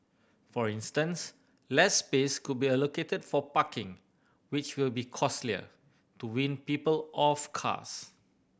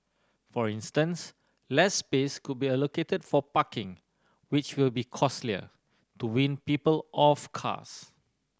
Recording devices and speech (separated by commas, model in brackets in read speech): boundary microphone (BM630), standing microphone (AKG C214), read sentence